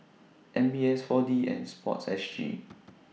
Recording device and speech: mobile phone (iPhone 6), read sentence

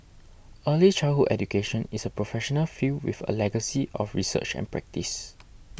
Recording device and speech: boundary microphone (BM630), read sentence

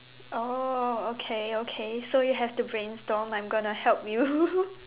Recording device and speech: telephone, conversation in separate rooms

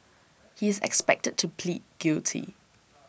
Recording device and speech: boundary microphone (BM630), read sentence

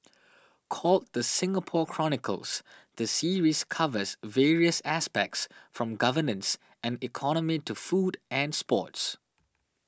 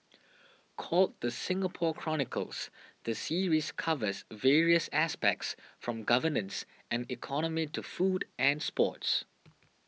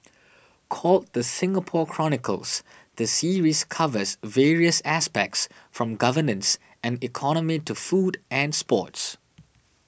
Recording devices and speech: standing microphone (AKG C214), mobile phone (iPhone 6), boundary microphone (BM630), read sentence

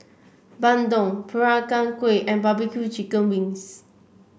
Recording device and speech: boundary microphone (BM630), read sentence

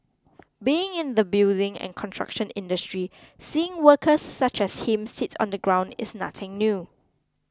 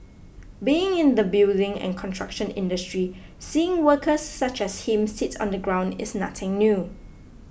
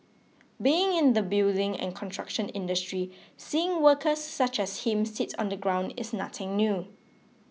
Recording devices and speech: close-talking microphone (WH20), boundary microphone (BM630), mobile phone (iPhone 6), read sentence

